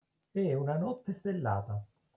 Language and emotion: Italian, neutral